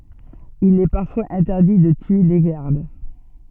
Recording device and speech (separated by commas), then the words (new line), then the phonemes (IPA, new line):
soft in-ear microphone, read sentence
Il est parfois interdit de tuer les gardes.
il ɛ paʁfwaz ɛ̃tɛʁdi də tye le ɡaʁd